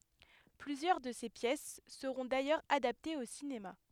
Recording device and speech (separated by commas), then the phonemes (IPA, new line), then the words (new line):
headset microphone, read sentence
plyzjœʁ də se pjɛs səʁɔ̃ dajœʁz adaptez o sinema
Plusieurs de ses pièces seront d'ailleurs adaptées au cinéma.